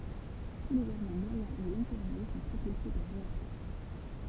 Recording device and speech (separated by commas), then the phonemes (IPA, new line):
temple vibration pickup, read sentence
tu lez avjɔ̃ mwajɛ̃ u lɔ̃ɡkuʁje sɔ̃ pʁopylse paʁ ʁeaktœʁ